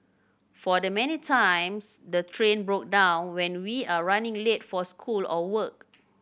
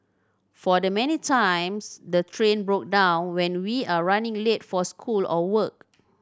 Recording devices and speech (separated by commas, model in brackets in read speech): boundary microphone (BM630), standing microphone (AKG C214), read sentence